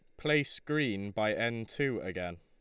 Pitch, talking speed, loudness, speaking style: 115 Hz, 165 wpm, -33 LUFS, Lombard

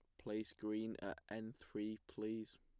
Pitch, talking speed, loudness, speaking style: 110 Hz, 150 wpm, -47 LUFS, plain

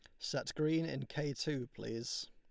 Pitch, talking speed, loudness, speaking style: 145 Hz, 170 wpm, -39 LUFS, Lombard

